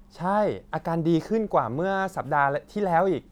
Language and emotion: Thai, happy